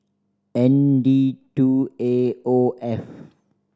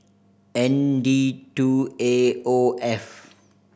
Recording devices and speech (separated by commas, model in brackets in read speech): standing microphone (AKG C214), boundary microphone (BM630), read sentence